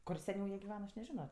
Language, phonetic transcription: Lithuanian, ˈkur seˈniau ˈjie giˈvena ˈaš neˈžino

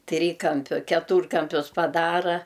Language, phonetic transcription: Lithuanian, ˈtrykampiu keˈtūrkampius paˈdara

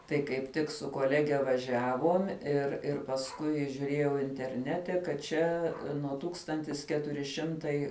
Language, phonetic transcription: Lithuanian, tai kaip ˈtik su koˈlege vaˈžiavom ir ˈir pasˈkui žiuˈrėjau interˈnete kad ˈčia nuo ˈtūkstantis ˈketuri ˈšimtai

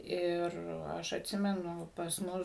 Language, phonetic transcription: Lithuanian, ˈir ˈaš atˈsimenu pas ˈmus

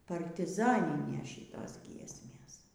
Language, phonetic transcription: Lithuanian, partiˈzaninės ˈšytos ˈgiesmės

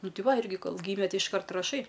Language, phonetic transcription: Lithuanian, ˈnu ˈti ˈva ˈirgi ˈkol ˈgyme ˈti išˈkart raˈšai

